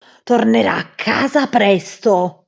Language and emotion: Italian, angry